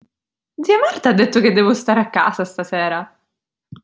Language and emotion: Italian, surprised